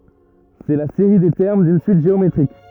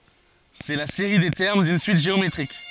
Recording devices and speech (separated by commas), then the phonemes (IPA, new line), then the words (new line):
rigid in-ear microphone, forehead accelerometer, read sentence
sɛ la seʁi de tɛʁm dyn syit ʒeometʁik
C'est la série des termes d'une suite géométrique.